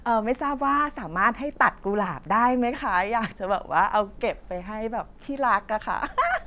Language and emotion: Thai, happy